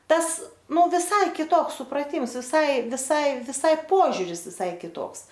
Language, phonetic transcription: Lithuanian, ˈtas ˈnu viˈsai kiˈtoks supraˈtims viˈsai viˈsai viˈsai ˈpožiuris viˈsai kiˈtoks

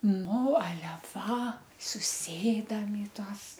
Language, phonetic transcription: Lithuanian, ˈnu aˈle va suˈsėdam i ˈtuos

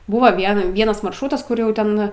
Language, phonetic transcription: Lithuanian, ˈbuva ˈvien ˈvienas maršˈrūtas ˈkur jau ˈten

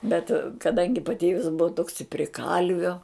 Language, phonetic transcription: Lithuanian, bet kaˈdangi paˈtėvis ˈbuva toks i pri ˈkalvio

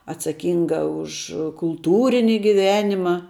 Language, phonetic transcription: Lithuanian, atsaˈkynga už kulˈtūrini giˈvenima

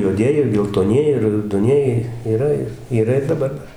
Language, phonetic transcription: Lithuanian, juoˈdieji ir geltoˈnieji ir raudoˈnieji yˈra ir yˈra ir daˈbar ˈdar

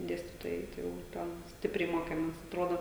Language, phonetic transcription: Lithuanian, ˈdėstytojai ˈtai jau ˈten ˈstipriai ˈmokemės atˈrodo

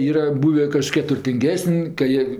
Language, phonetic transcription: Lithuanian, ˈyra ˈbūvė kaˈžkie turtinˈgesən' ka ˈjie

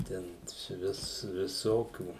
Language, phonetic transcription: Lithuanian, ˈten suˈvis viˈsokių

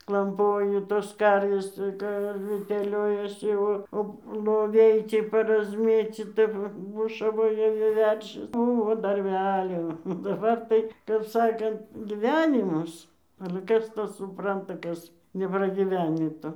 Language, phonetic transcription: Lithuanian, klamˈpoju tos ˈkarvės ˈka ar teˈliojasi ˈo o loˈviai ˈcie parazˈmėcyta ˈva ˈbušavoja vi ˈveršis ˈbuvo darˈbelio o daˈbar tai kap ˈsakant giˈvenimas ale ˈkas ˈtą suˈpranta ˈkas nepragyˈvenį ˈto

